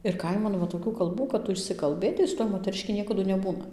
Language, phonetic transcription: Lithuanian, ir ˈkaiman va toˈkių kalˈbų kad ˈtu išsikalˈbɘtai su ˈtuoj moteriˈški ˈniekadu neˈbūna

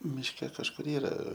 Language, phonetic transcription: Lithuanian, mišˈke kažˈkur ˈyra

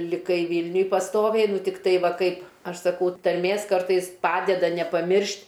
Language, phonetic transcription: Lithuanian, liˈkai ˈvylniuj pasˈtoviai ˈnu tikˈtai ˈva ˈkaip ˈaš saˈkau tarˈmės ˈkartais ˈpadeda nepaˈmiršt'

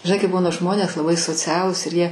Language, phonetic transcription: Lithuanian, žiˈnai kai ˈbūna žmonės laˈbai soˈcialūs ir jie

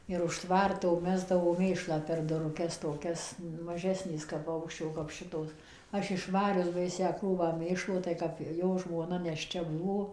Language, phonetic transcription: Lithuanian, ir už ˈtvarto ˈmesdavo ˈmėšlą per duruˈkes toˈkias maˈžesnės kap ˈva ˈaukščio kap ˈšitos ˈaš išˈvarius ˈbaisią ˈkrūvą ˈmėšlo tai ˈkap ˈjo žmoˈna nešˈčia ˈbuvo

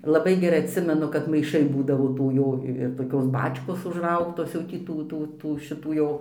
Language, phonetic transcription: Lithuanian, laˈbai geˈrai atˈsimenu kad maiˈšai ˈbūdavo ˈtų ˈjo ir toˈkios ˈbačkos užˈraugtos jau tį ˈtų ˈtų ˈtų šiˈtų jau

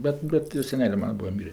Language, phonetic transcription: Lithuanian, ˈbet ˈbet jo seˈnelė ˈmana ˈbua ˈmyrė

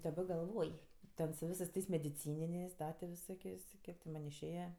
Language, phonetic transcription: Lithuanian, daˈba galˈvoj ˈten su ˈvisɜs ˈtais mediˈcyninės' ˈda ti viˈsokės' ti ˈkiek ti ˈman' išˈėja

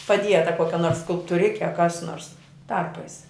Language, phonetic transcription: Lithuanian, paˈdieta ˈkokia nors skulptuˈrike a kas nors ˈtarpais

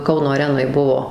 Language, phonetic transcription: Lithuanian, ˈkauno aˈrenoj ˈbuo

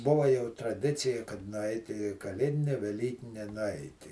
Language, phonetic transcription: Lithuanian, ˈbuva jau i traˈdicija kad nuˈait' į kaˈlėdine veˈlykine nuˈaiti

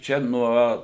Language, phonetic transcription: Lithuanian, ˈčia ˈnuo

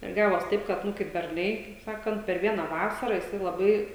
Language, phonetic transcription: Lithuanian, ir ˈgavos ˈtaip kad ˈnu kaip berˈnai kaip ˈsakant per ˈviena ˈvasara jiˈsai laˈbai

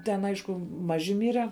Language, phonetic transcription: Lithuanian, ˈten ˈaišku ˈmaži ˈmyre

